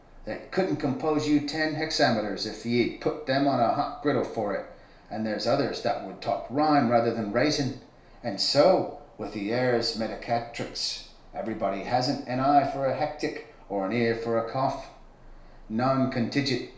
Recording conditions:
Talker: one person; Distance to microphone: 1.0 m; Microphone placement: close; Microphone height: 1.1 m; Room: small (3.7 m by 2.7 m); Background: none

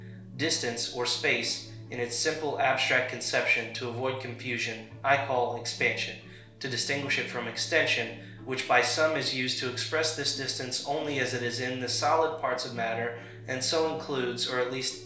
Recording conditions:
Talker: one person; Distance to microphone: 1.0 m; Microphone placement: close; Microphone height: 1.1 m; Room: small (3.7 m by 2.7 m); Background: music

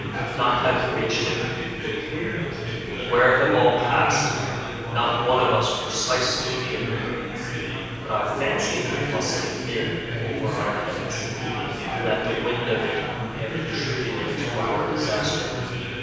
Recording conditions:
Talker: one person; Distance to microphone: 7.1 m; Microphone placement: far; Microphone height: 1.7 m; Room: very reverberant, large; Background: babble

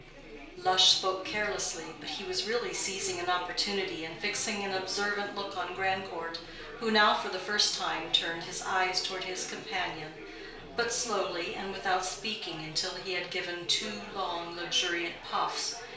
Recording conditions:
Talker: one person; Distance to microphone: 1.0 m; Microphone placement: close; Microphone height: 1.1 m; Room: small (3.7 m by 2.7 m); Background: babble

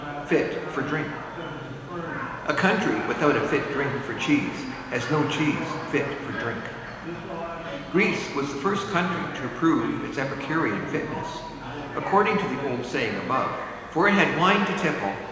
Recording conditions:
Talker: one person; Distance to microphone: 1.7 m; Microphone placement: close; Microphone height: 1.0 m; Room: very reverberant, large; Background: babble

